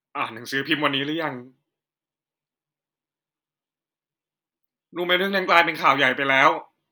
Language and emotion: Thai, sad